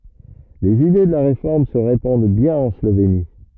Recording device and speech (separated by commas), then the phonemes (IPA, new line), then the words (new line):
rigid in-ear microphone, read sentence
lez ide də la ʁefɔʁm sə ʁepɑ̃d bjɛ̃n ɑ̃ sloveni
Les idées de la Réforme se répandent bien en Slovénie.